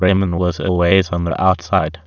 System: TTS, waveform concatenation